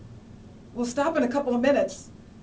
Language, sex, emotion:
English, female, neutral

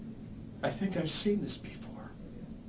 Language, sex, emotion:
English, male, neutral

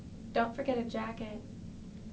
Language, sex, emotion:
English, female, neutral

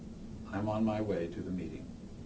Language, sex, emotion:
English, male, neutral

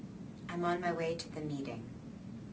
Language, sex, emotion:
English, female, neutral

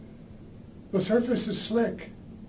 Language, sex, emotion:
English, male, neutral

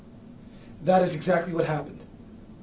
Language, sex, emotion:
English, male, neutral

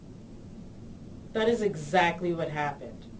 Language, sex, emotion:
English, female, disgusted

